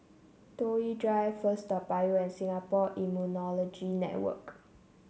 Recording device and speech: mobile phone (Samsung C7), read sentence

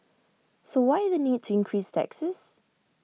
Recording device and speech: mobile phone (iPhone 6), read sentence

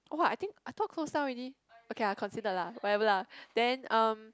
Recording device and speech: close-talking microphone, conversation in the same room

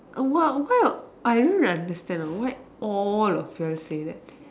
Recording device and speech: standing microphone, conversation in separate rooms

